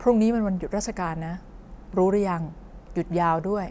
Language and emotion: Thai, neutral